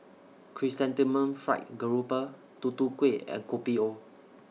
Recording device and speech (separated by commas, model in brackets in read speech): mobile phone (iPhone 6), read sentence